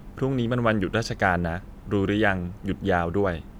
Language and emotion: Thai, neutral